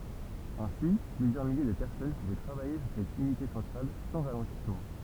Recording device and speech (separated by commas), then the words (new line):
temple vibration pickup, read sentence
Ainsi, plusieurs milliers de personnes pouvaient travailler sur cette unité centrale sans ralentissement.